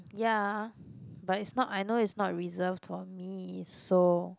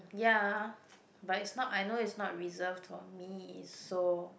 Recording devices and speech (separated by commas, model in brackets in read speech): close-talking microphone, boundary microphone, conversation in the same room